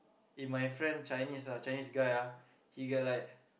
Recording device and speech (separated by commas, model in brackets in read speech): boundary microphone, conversation in the same room